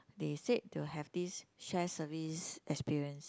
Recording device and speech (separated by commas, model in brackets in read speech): close-talking microphone, conversation in the same room